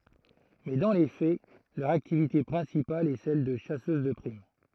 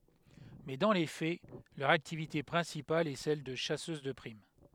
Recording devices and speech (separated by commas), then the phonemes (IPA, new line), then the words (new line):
throat microphone, headset microphone, read sentence
mɛ dɑ̃ le fɛ lœʁ aktivite pʁɛ̃sipal ɛ sɛl də ʃasøz də pʁim
Mais dans les faits, leur activité principale est celle de chasseuses de primes.